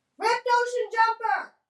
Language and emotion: English, neutral